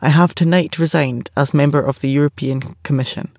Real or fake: real